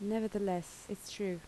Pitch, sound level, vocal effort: 200 Hz, 77 dB SPL, soft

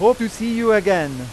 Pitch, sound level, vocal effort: 215 Hz, 99 dB SPL, very loud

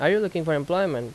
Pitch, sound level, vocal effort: 175 Hz, 88 dB SPL, loud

